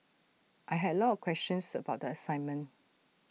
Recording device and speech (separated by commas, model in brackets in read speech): mobile phone (iPhone 6), read sentence